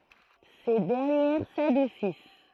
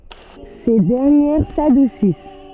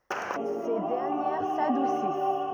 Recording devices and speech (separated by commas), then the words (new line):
throat microphone, soft in-ear microphone, rigid in-ear microphone, read sentence
Ces dernières s'adoucissent.